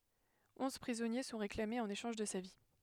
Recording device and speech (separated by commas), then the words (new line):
headset microphone, read sentence
Onze prisonniers sont réclamés en échange de sa vie.